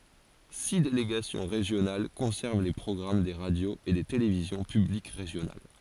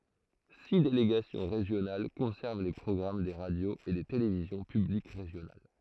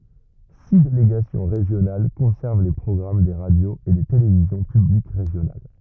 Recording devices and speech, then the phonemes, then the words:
forehead accelerometer, throat microphone, rigid in-ear microphone, read sentence
si deleɡasjɔ̃ ʁeʒjonal kɔ̃sɛʁv le pʁɔɡʁam de ʁadjoz e de televizjɔ̃ pyblik ʁeʒjonal
Six délégations régionales conservent les programmes des radios et des télévisions publiques régionales.

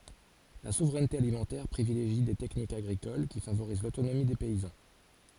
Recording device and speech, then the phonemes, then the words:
forehead accelerometer, read sentence
la suvʁɛnte alimɑ̃tɛʁ pʁivileʒi de tɛknikz aɡʁikol ki favoʁiz lotonomi de pɛizɑ̃
La souveraineté alimentaire privilégie des techniques agricoles qui favorisent l'autonomie des paysans.

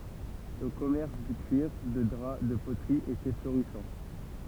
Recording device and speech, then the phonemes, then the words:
temple vibration pickup, read sentence
lə kɔmɛʁs dy kyiʁ də dʁa də potʁi etɛ floʁisɑ̃
Le commerce du cuir, de drap, de poterie était florissant.

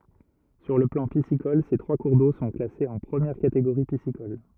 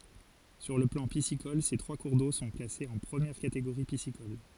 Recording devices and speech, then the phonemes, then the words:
rigid in-ear microphone, forehead accelerometer, read sentence
syʁ lə plɑ̃ pisikɔl se tʁwa kuʁ do sɔ̃ klasez ɑ̃ pʁəmjɛʁ kateɡoʁi pisikɔl
Sur le plan piscicole, ces trois cours d'eau sont classés en première catégorie piscicole.

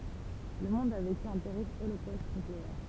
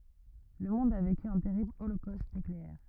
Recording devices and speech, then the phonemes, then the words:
temple vibration pickup, rigid in-ear microphone, read sentence
lə mɔ̃d a veky œ̃ tɛʁibl olokost nykleɛʁ
Le monde a vécu un terrible holocauste nucléaire.

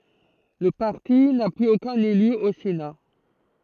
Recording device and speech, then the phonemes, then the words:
throat microphone, read sentence
lə paʁti na plyz okœ̃n ely o sena
Le parti n'a plus aucun élu au Sénat.

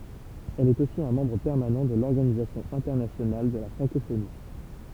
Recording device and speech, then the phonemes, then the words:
temple vibration pickup, read sentence
ɛl ɛt osi œ̃ mɑ̃bʁ pɛʁmanɑ̃ də lɔʁɡanizasjɔ̃ ɛ̃tɛʁnasjonal də la fʁɑ̃kofoni
Elle est aussi un membre permanent de l'Organisation internationale de la francophonie.

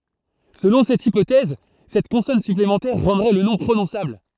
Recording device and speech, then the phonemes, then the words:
throat microphone, read sentence
səlɔ̃ sɛt ipotɛz sɛt kɔ̃sɔn syplemɑ̃tɛʁ ʁɑ̃dʁɛ lə nɔ̃ pʁonɔ̃sabl
Selon cette hypothèse, cette consonne supplémentaire rendrait le nom prononçable.

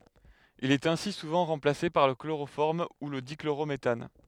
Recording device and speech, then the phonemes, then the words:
headset microphone, read sentence
il ɛt ɛ̃si suvɑ̃ ʁɑ̃plase paʁ lə kloʁofɔʁm u lə dikloʁometan
Il est ainsi souvent remplacé par le chloroforme ou le dichlorométhane.

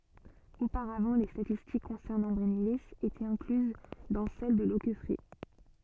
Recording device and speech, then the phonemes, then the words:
soft in-ear microphone, read sentence
opaʁavɑ̃ le statistik kɔ̃sɛʁnɑ̃ bʁɛnili etɛt ɛ̃klyz dɑ̃ sɛl də lokɛfʁɛ
Auparavant les statistiques concernant Brennilis étaient incluses dans celles de Loqueffret.

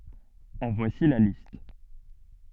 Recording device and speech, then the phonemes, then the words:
soft in-ear microphone, read sentence
ɑ̃ vwasi la list
En voici la liste.

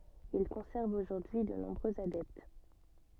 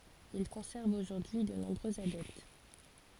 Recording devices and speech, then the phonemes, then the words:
soft in-ear microphone, forehead accelerometer, read sentence
il kɔ̃sɛʁv oʒuʁdyi də nɔ̃bʁøz adɛpt
Il conserve aujourd'hui de nombreux adeptes.

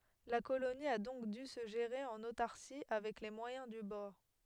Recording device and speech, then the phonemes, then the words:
headset microphone, read sentence
la koloni a dɔ̃k dy sə ʒeʁe ɑ̃n otaʁsi avɛk le mwajɛ̃ dy bɔʁ
La colonie a donc dû se gérer en autarcie, avec les moyens du bord.

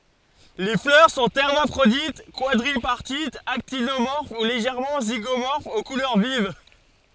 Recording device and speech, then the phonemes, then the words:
forehead accelerometer, read sentence
le flœʁ sɔ̃ ɛʁmafʁodit kwadʁipaʁtitz aktinomɔʁf u leʒɛʁmɑ̃ ziɡomɔʁfz o kulœʁ viv
Les fleurs sont hermaphrodites, quadripartites, actinomorphes ou légèrement zygomorphes, aux couleurs vives.

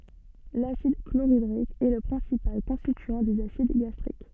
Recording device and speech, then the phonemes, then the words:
soft in-ear microphone, read sentence
lasid kloʁidʁik ɛ lə pʁɛ̃sipal kɔ̃stityɑ̃ dez asid ɡastʁik
L'acide chlorhydrique est le principal constituant des acides gastriques.

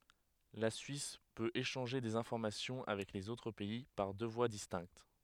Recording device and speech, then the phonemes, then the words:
headset microphone, read sentence
la syis pøt eʃɑ̃ʒe dez ɛ̃fɔʁmasjɔ̃ avɛk lez otʁ pɛi paʁ dø vwa distɛ̃kt
La Suisse peut échanger des informations avec les autres pays par deux voies distinctes.

